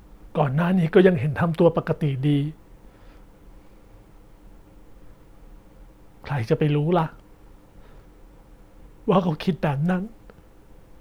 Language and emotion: Thai, sad